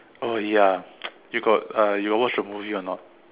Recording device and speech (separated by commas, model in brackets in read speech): telephone, conversation in separate rooms